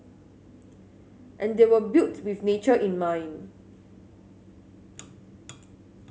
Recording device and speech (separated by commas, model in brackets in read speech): mobile phone (Samsung S8), read sentence